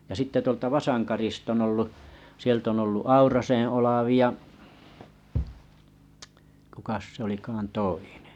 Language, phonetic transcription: Finnish, ja 'sitte tᵘolta Vasankarista ollu , 'sielt ‿on ollu Auraseḛ 'Olavi 'kukas se ‿olikaan 'toinᴇ ?
- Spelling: ja sitten tuolta Vasankarista ollut sieltä on ollut Aurasen Olavi kukas se olikaan toinen

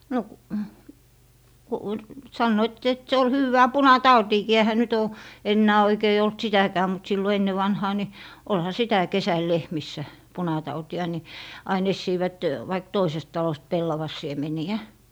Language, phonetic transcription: Finnish, no k- , ku , 'sannoit et se ol 'hywwää "puna'tautiikii ehä nyt oo , 'ennää oikei olt 'sitäkää mut sillo 'enne vanhaa ni , 'olha "sitä "kesäl 'lehmissä , 'punatauti₍a ni , ain 'essiivät , vaik 'toisest 'talost 'pellavas̀iemeni₍ä .
- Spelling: no - kun sanoivat että se oli hyvää punatautiinkin eihän nyt ole enää oikein ollut sitäkään mutta silloin ennen vanhaan niin olihan sitä kesällä lehmissä punatautia niin aina etsivät vaikka toisesta talosta pellavansiemeniä

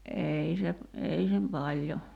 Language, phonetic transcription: Finnish, '’ei se , 'ei sem paĺjo .
- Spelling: ei se ei se paljon

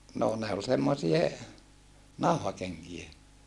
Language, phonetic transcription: Finnish, noo ne ol semmosie , nau̬hakeŋkie .
- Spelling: no ne oli semmoisia nauhakenkiä

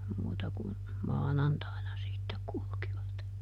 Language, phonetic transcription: Finnish, ˈmuuta kun , "maanantaina ˈsittek kulkivat .
- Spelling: muuta kuin maanantaina sitten kulkivat

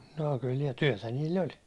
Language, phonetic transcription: Finnish, noo kyl nii- , "tyäₒtä niill ‿oĺ .
- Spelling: no kyllä - työtä niillä oli

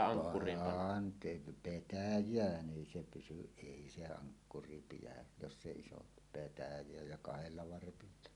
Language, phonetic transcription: Finnish, 'pant̀iin , "petäj̀ään 'ˀèi se pysyˀ 'ˀèi se 'aŋkkuri pijä , (joss s ‿èi oˀ) , petäj̀eä ja 'kahelia varpilla .
- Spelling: pantiin petäjään ei se pysy ei se ankkuri pidä jos se ei ole petäjää ja kahdella varpilla

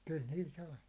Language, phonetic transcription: Finnish, kyl 'niil 'sai .
- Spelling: kyllä niillä sai

